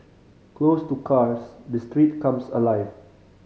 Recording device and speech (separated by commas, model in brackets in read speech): mobile phone (Samsung C5010), read sentence